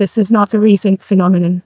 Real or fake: fake